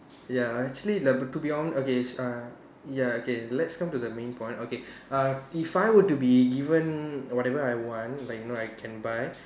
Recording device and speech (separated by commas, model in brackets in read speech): standing microphone, conversation in separate rooms